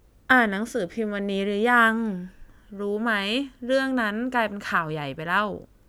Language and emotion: Thai, frustrated